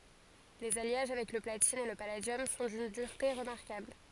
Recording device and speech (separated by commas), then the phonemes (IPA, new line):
forehead accelerometer, read sentence
lez aljaʒ avɛk lə platin e lə paladjɔm sɔ̃ dyn dyʁte ʁəmaʁkabl